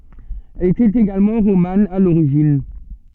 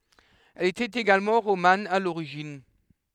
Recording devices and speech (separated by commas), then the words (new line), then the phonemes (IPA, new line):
soft in-ear microphone, headset microphone, read sentence
Elle était également romane à l'origine.
ɛl etɛt eɡalmɑ̃ ʁoman a loʁiʒin